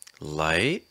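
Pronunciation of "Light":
The voice rises on 'Light'.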